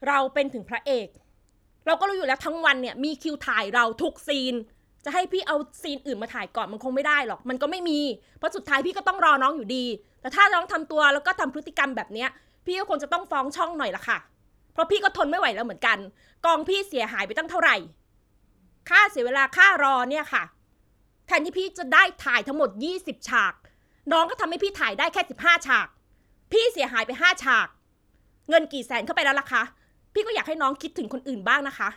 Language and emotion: Thai, angry